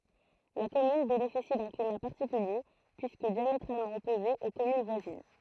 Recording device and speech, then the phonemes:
throat microphone, read sentence
la kɔmyn benefisi dœ̃ klima paʁtikylje pyiskə djametʁalmɑ̃ ɔpoze o kɔmyn vwazin

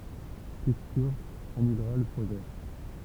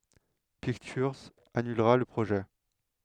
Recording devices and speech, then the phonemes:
temple vibration pickup, headset microphone, read sentence
piktyʁz anylʁa lə pʁoʒɛ

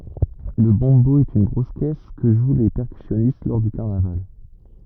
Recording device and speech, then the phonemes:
rigid in-ear microphone, read sentence
lə bɔ̃bo ɛt yn ɡʁos kɛs kə ʒw le pɛʁkysjɔnist lɔʁ dy kaʁnaval

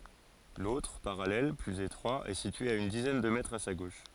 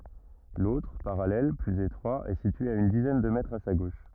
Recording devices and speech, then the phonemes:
forehead accelerometer, rigid in-ear microphone, read sentence
lotʁ paʁalɛl plyz etʁwa ɛ sitye a yn dizɛn də mɛtʁz a sa ɡoʃ

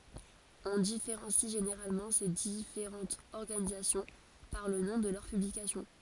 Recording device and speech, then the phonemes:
forehead accelerometer, read sentence
ɔ̃ difeʁɑ̃si ʒeneʁalmɑ̃ se difeʁɑ̃tz ɔʁɡanizasjɔ̃ paʁ lə nɔ̃ də lœʁ pyblikasjɔ̃

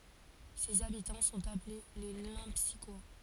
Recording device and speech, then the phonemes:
forehead accelerometer, read sentence
sez abitɑ̃ sɔ̃t aple le lɑ̃psikwa

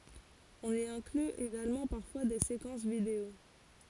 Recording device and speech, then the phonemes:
forehead accelerometer, read sentence
ɔ̃n i ɛ̃kly eɡalmɑ̃ paʁfwa de sekɑ̃s video

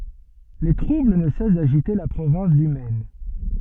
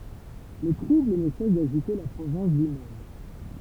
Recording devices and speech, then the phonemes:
soft in-ear microphone, temple vibration pickup, read sentence
le tʁubl nə sɛs daʒite la pʁovɛ̃s dy mɛn

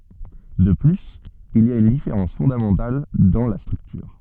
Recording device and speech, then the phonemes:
soft in-ear microphone, read sentence
də plyz il i a yn difeʁɑ̃s fɔ̃damɑ̃tal dɑ̃ la stʁyktyʁ

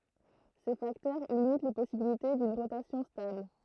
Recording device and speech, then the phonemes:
throat microphone, read sentence
se faktœʁ limit le pɔsibilite dyn ʁotasjɔ̃ stabl

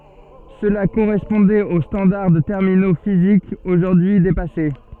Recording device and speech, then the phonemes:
soft in-ear microphone, read sentence
səla koʁɛspɔ̃dɛt o stɑ̃daʁ də tɛʁmino fizikz oʒuʁdyi depase

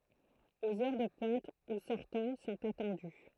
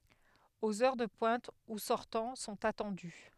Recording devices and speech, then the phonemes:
throat microphone, headset microphone, read sentence
oz œʁ də pwɛ̃t u sɔʁtɑ̃ sɔ̃t atɑ̃dy

